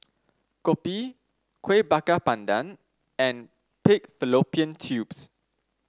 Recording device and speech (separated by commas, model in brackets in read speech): standing microphone (AKG C214), read sentence